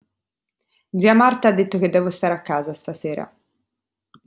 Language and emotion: Italian, neutral